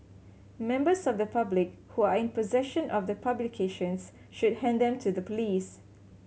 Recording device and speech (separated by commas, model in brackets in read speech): mobile phone (Samsung C7100), read sentence